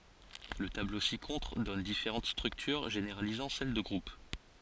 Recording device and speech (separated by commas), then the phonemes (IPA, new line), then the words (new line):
forehead accelerometer, read sentence
lə tablo si kɔ̃tʁ dɔn difeʁɑ̃t stʁyktyʁ ʒeneʁalizɑ̃ sɛl də ɡʁup
Le tableau ci-contre donne différentes structures généralisant celle de groupe.